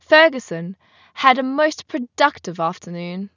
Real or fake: real